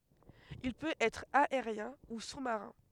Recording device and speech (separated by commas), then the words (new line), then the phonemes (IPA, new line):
headset microphone, read sentence
Il peut être aérien  ou sous-marin.
il pøt ɛtʁ aeʁjɛ̃ u su maʁɛ̃